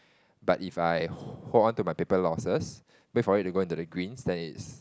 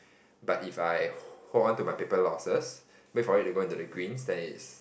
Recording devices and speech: close-talking microphone, boundary microphone, conversation in the same room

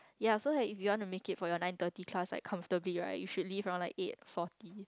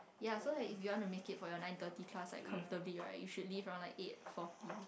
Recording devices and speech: close-talking microphone, boundary microphone, conversation in the same room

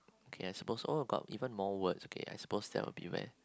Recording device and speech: close-talking microphone, conversation in the same room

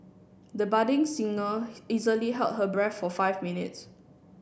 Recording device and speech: boundary microphone (BM630), read sentence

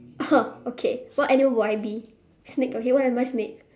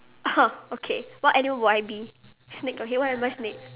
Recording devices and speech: standing microphone, telephone, conversation in separate rooms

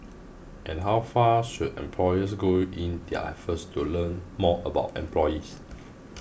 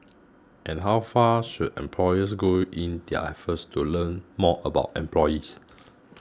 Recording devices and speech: boundary microphone (BM630), close-talking microphone (WH20), read sentence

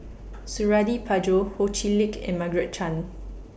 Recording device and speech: boundary microphone (BM630), read sentence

